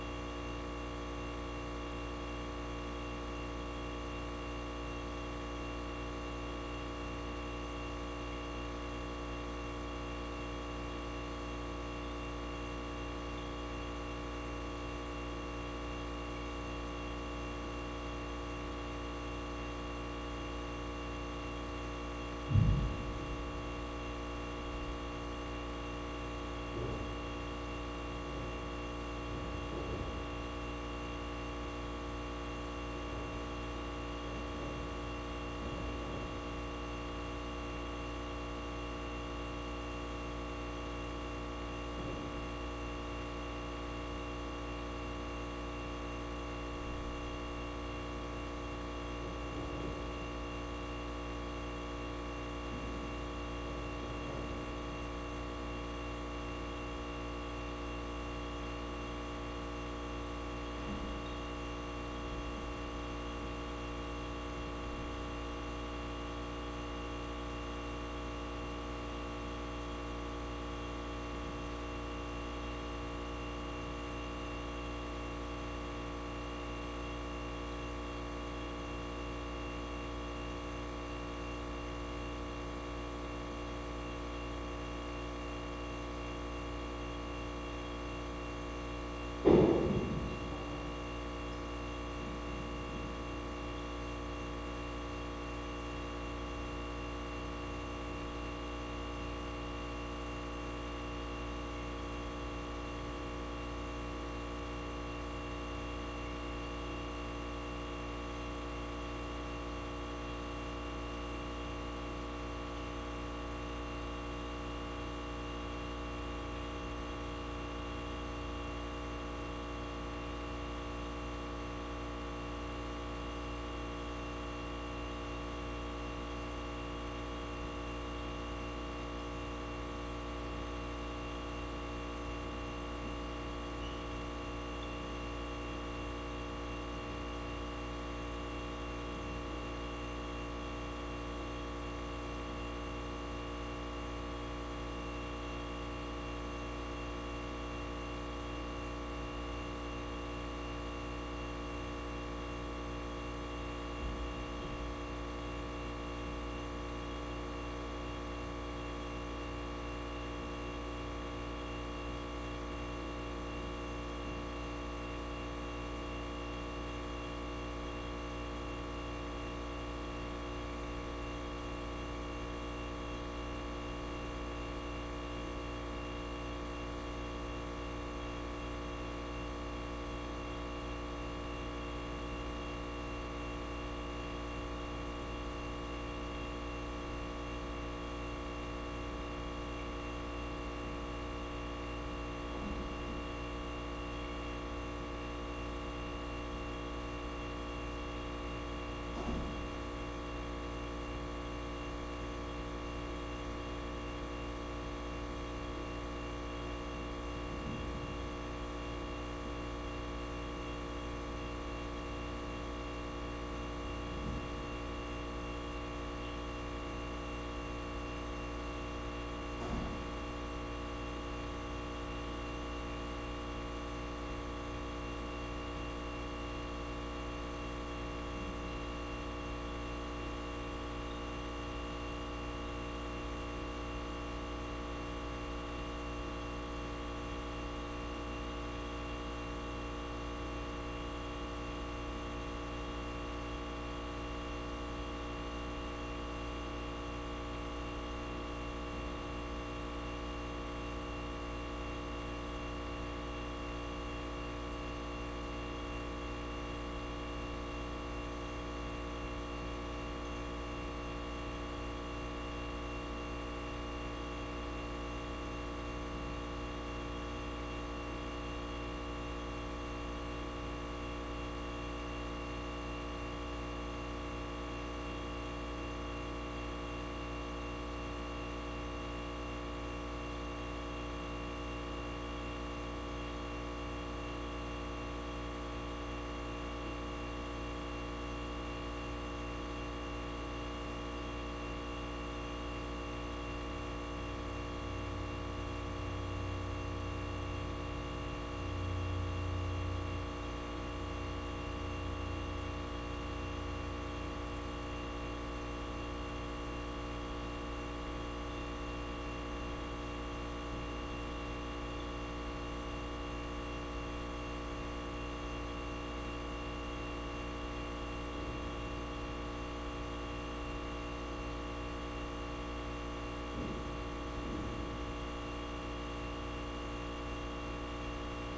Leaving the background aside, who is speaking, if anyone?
No one.